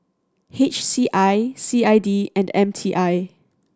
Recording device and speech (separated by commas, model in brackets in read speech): standing microphone (AKG C214), read sentence